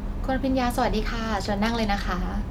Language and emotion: Thai, neutral